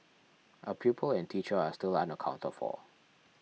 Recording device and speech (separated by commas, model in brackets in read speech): mobile phone (iPhone 6), read sentence